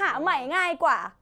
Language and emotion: Thai, happy